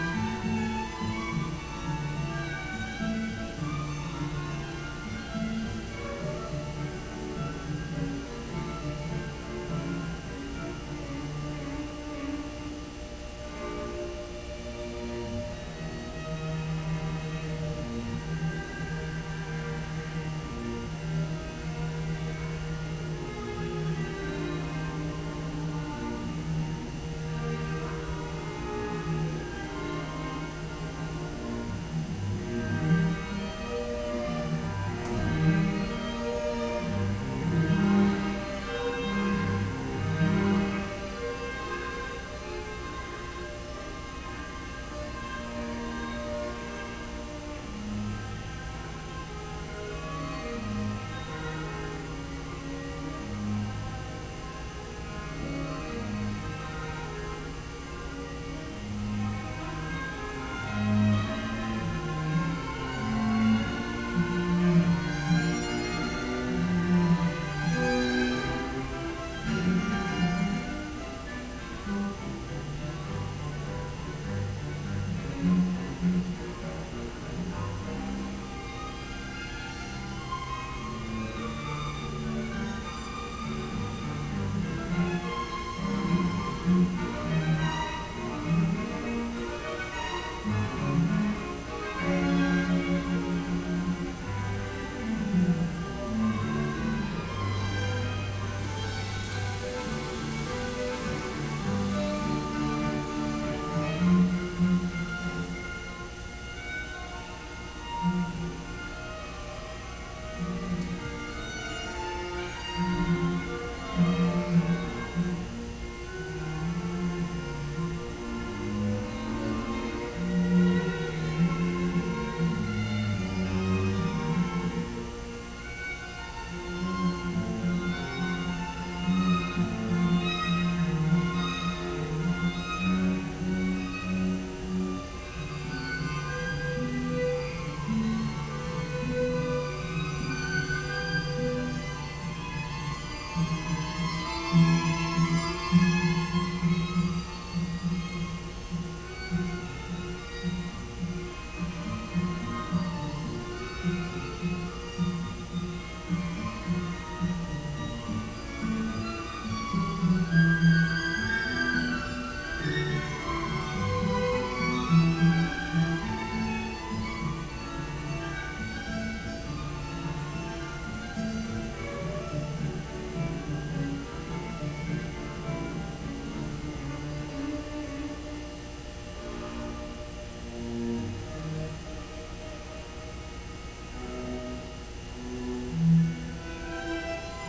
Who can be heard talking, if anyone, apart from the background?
No one.